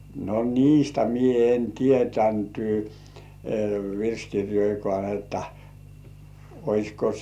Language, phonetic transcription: Finnish, no "niistä 'mie en 'tietänty , "virskirjoikŏà että , 'oisko .
- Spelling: no niistä minä en tiennyt virsikirjojakaan että olisiko

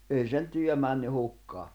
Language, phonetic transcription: Finnish, ’ei sen 'työ männy 'hukkaa .
- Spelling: ei sen työ mennyt hukkaan

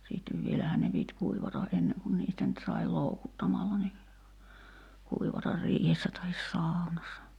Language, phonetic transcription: Finnish, siittev 'vielähä̀n ne pit 'kuivata '’enneŋ kun niistä nyt sai "loukuttamalla ni , 'kuivatar 'riihessä tahis "sàu̬nassa .
- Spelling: sitten vielähän ne piti kuivata ennen kuin niistä nyt sai loukuttamalla niin kuivata riihessä tai saunassa

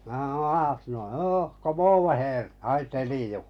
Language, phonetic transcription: Finnish, mä hᵃo » 'aasnoi , 'hoo , ko'moovo heer , 'hai 'teliju « .
- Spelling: minä sanoin aasnoi hoo komoovo heer hai teliju

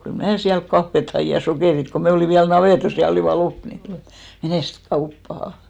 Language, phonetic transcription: Finnish, kyl "mnää siält 'kaffet hai , ja 'sokèrit ko me 'olìn viäl 'navètos ja 'olìva 'lop ni , » "menèst "kauppaha « .
- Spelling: kyllä minä sieltä kahvia hain ja sokerit kun me olimme vielä navetassa ja olivat loppu niin menes kauppaan

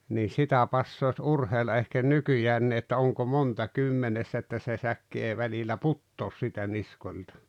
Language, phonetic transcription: Finnish, nii 'sitä passoas 'urheilla ehken "nykyjäänni että 'oŋko 'monta "kymmenessä että se 'säkki 'èi välil̆lä "puttoos sⁱtä 'niskol̀ta .
- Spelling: niin sitä passaisi urheilla ehkä nykyäänkin että onko monta kymmenessä että se säkki ei välillä putoa siitä niskoilta

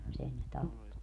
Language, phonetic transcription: Finnish, mut 'sen ne "tappo .
- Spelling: mutta sen ne tappoi

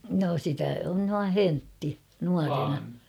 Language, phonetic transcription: Finnish, no sitä on nua "höntti , 'nuarena .
- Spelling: no sitä on noin höntti nuorena

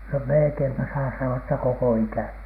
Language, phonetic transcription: Finnish, no melᵉkeimpä saa sano₍a että "koko 'ikä̀ni .
- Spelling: no melkeinpä saa sanoa että koko ikäni

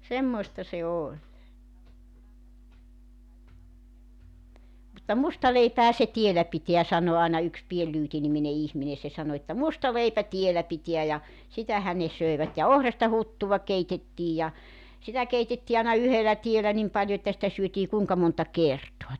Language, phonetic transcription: Finnish, 'semmoista se 'oĺ mutta » "musta leipähä se 'tiellä 'pitḙä « 'sano àena yks 'Pien Lyyti nimine 'ihmine se 'sano että » 'musta 'leipä 'tiellä 'pitiä « ja , 'sitähän ne 'söevät ja "ohrasta 'huttuva 'keitettiij ja , 'sitä keitettii àena 'yhelä 'tielä 'nim paljo että 'sⁱtä 'syötii 'kuuŋka monta "kertoa .
- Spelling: semmoista se oli mutta musta leipähän se tiellä pitää sanoi aina yksi Pieni Lyyti niminen ihminen se sanoi että musta leipä tiellä pitää ja sitähän ne söivät ja ohrasta huttua keitettiin ja sitä keitettiin aina yhdellä tiellä niin paljon että sitä syötiin kuinka monta kertaa

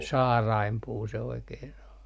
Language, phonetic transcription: Finnish, "saaraimpuu se oikehen o .
- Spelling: saarainpuu se oikein on

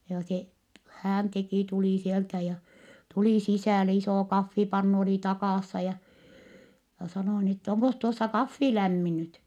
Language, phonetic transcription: Finnish, joo se , hään teki , tulì sieltä ja , tuli sisä̀le , isò kaffipannu oli takàssa ja , ja sanò ni ‿ttä » oŋkos tuossa kaffi lämmi nyt ? »
- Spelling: joo se hän teki tuli sieltä ja tuli sisälle iso kahvipannu oli takassa ja ja sanoi niin että onkos tuossa kahvi lämmin nyt

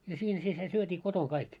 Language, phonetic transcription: Finnish, ja siin si se syöt́ii 'kotoŋ 'kaik .
- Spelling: ja siinä sitten se syötiin kotona kaikki

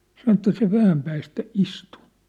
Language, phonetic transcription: Finnish, 'san ‿ĕttä » se 'vähäm päästä "istu . «
- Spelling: sanoi että se vähän päästä istui

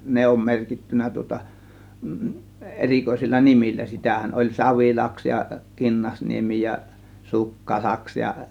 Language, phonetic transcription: Finnish, ne om 'merkittyn̆nä tŭŏta , 'erikoisilla "nimillä 'sitähän oĺ "Savilaks ja "Kinnasniemi ja , "Sukka 'laks ja .
- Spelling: ne on merkitty tuota erikoisilla nimillä sitähän oli Savilaksi ja Kinnasniemi ja - Sukkalaksi ja

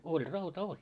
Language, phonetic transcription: Finnish, 'oĺ 'rauta 'oĺ .
- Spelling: oli rauta oli

